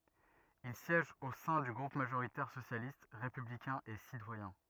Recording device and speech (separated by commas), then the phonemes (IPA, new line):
rigid in-ear microphone, read sentence
il sjɛʒ o sɛ̃ dy ɡʁup maʒoʁitɛʁ sosjalist ʁepyblikɛ̃ e sitwajɛ̃